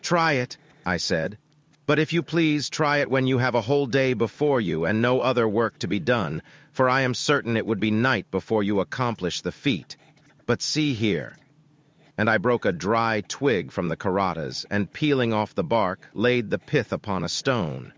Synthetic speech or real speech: synthetic